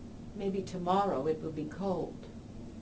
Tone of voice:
neutral